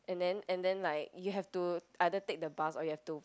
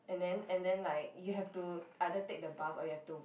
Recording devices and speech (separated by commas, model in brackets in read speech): close-talking microphone, boundary microphone, conversation in the same room